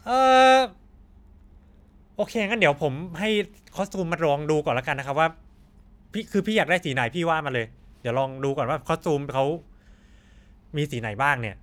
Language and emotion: Thai, neutral